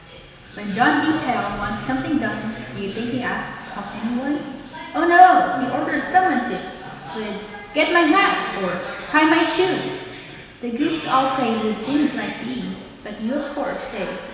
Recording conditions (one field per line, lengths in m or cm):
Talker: one person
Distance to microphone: 1.7 m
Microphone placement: close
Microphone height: 1.0 m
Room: very reverberant, large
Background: television